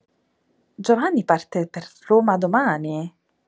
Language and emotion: Italian, surprised